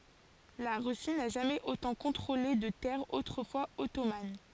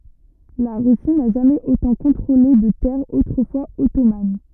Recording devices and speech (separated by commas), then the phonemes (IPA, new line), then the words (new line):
forehead accelerometer, rigid in-ear microphone, read sentence
la ʁysi na ʒamɛz otɑ̃ kɔ̃tʁole də tɛʁz otʁəfwaz ɔtoman
La Russie n'a jamais autant contrôlé de terres autrefois ottomanes.